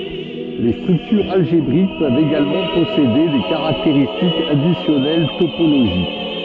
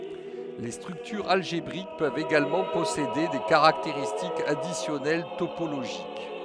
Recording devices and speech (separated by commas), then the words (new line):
soft in-ear microphone, headset microphone, read sentence
Les structures algébriques peuvent également posséder des caractéristiques additionnelles topologiques.